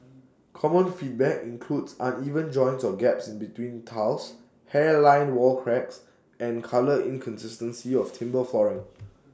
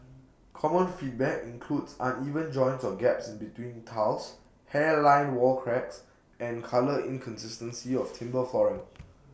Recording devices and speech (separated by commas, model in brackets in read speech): standing microphone (AKG C214), boundary microphone (BM630), read sentence